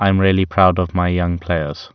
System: none